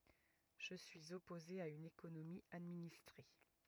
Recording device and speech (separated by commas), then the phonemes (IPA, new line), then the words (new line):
rigid in-ear microphone, read sentence
ʒə syiz ɔpoze a yn ekonomi administʁe
Je suis opposé à une économie administrée.